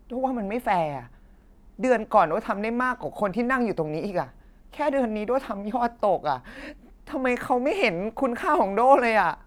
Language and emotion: Thai, frustrated